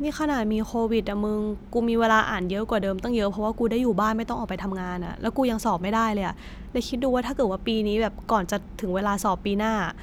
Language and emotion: Thai, frustrated